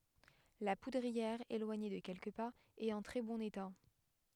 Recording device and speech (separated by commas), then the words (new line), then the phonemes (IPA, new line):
headset microphone, read sentence
La poudrière, éloignée de quelques pas, est en très bon état.
la pudʁiɛʁ elwaɲe də kɛlkə paz ɛt ɑ̃ tʁɛ bɔ̃n eta